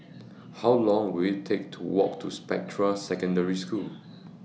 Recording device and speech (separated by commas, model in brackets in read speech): mobile phone (iPhone 6), read sentence